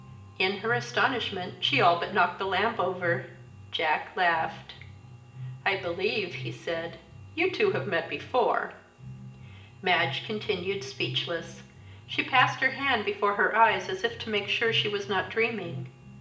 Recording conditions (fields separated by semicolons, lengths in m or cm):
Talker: one person; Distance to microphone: 1.8 m; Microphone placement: close; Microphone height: 1.0 m; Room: large; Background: music